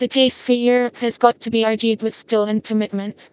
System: TTS, vocoder